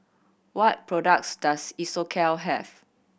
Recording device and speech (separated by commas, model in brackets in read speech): boundary microphone (BM630), read sentence